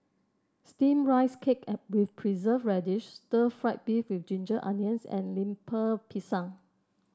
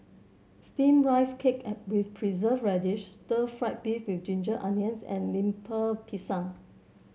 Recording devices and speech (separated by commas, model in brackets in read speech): standing microphone (AKG C214), mobile phone (Samsung C7), read sentence